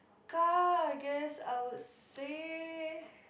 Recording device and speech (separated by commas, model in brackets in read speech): boundary microphone, conversation in the same room